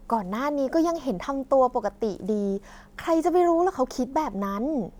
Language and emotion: Thai, happy